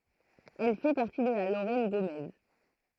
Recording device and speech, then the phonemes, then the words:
throat microphone, read sentence
ɛl fɛ paʁti də la loʁɛn ɡomɛz
Elle fait partie de la Lorraine gaumaise.

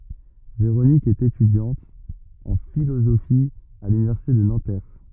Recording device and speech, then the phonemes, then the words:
rigid in-ear microphone, read sentence
veʁonik ɛt etydjɑ̃t ɑ̃ filozofi a lynivɛʁsite də nɑ̃tɛʁ
Véronique est étudiante en philosophie à l'université de Nanterre.

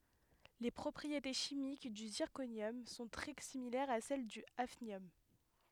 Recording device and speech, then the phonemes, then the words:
headset microphone, read sentence
le pʁɔpʁiete ʃimik dy ziʁkonjɔm sɔ̃ tʁɛ similɛʁz a sɛl dy afnjɔm
Les propriétés chimiques du zirconium sont très similaires à celles du hafnium.

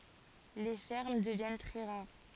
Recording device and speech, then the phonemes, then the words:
forehead accelerometer, read sentence
le fɛʁm dəvjɛn tʁɛ ʁaʁ
Les fermes deviennent très rares.

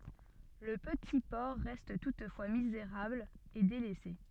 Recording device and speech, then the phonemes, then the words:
soft in-ear microphone, read sentence
lə pəti pɔʁ ʁɛst tutfwa mizeʁabl e delɛse
Le petit port reste toutefois misérable et délaissé.

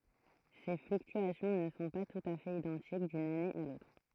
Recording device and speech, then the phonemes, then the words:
throat microphone, read sentence
se flyktyasjɔ̃ nə sɔ̃ pa tut a fɛt idɑ̃tik dyn ane a lotʁ
Ces fluctuations ne sont pas tout à fait identiques d'une année à l'autre.

